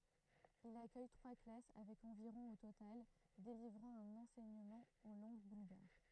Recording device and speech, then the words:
throat microphone, read sentence
Il accueille trois classes avec environ au total, délivrant un enseignement en langue bulgare.

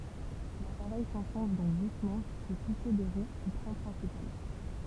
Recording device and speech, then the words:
temple vibration pickup, read sentence
L'appareil s'enfonce donc doucement jusqu'au touché des roues du train principal.

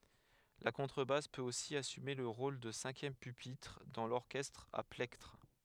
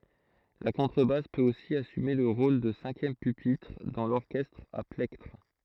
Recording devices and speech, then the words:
headset microphone, throat microphone, read sentence
La contrebasse peut aussi assumer le rôle de cinquième pupitre, dans l'orchestre à plectre.

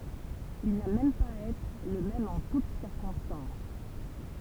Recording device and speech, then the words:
temple vibration pickup, read sentence
Il n'a même pas à être le même en toute circonstances.

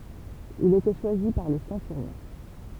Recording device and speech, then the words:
temple vibration pickup, read sentence
Il était choisi par le centurion.

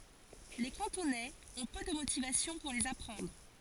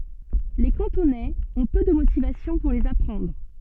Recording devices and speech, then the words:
forehead accelerometer, soft in-ear microphone, read sentence
Les Cantonais ont peu de motivations pour les apprendre.

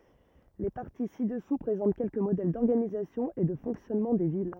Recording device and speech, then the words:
rigid in-ear microphone, read sentence
Les parties ci-dessous présentent quelques modèles d'organisation et de fonctionnement des villes.

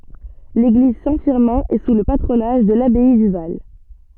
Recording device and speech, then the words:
soft in-ear microphone, read sentence
L'église Saint-Firmin est sous le patronage de l'abbaye du Val.

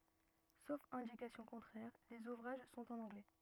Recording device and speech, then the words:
rigid in-ear microphone, read sentence
Sauf indication contraire, les ouvrages sont en anglais.

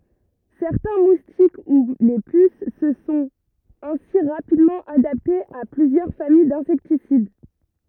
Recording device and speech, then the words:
rigid in-ear microphone, read sentence
Certains moustiques, ou les puces se sont ainsi rapidement adaptés à plusieurs familles d'insecticides.

